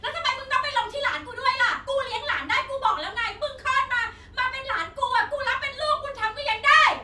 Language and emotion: Thai, angry